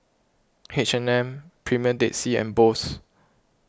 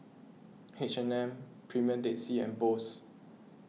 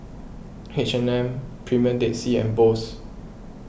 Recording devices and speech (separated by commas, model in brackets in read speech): close-talking microphone (WH20), mobile phone (iPhone 6), boundary microphone (BM630), read sentence